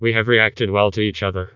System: TTS, vocoder